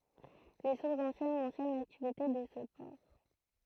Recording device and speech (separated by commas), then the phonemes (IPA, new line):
throat microphone, read sentence
le suʁsz ɑ̃sjɛn mɑ̃sjɔn laktivite də sə pɔʁ